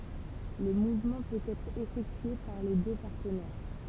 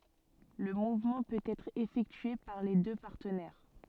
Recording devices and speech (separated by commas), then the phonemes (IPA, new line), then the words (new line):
temple vibration pickup, soft in-ear microphone, read sentence
lə muvmɑ̃ pøt ɛtʁ efɛktye paʁ le dø paʁtənɛʁ
Le mouvement peut être effectué par les deux partenaires.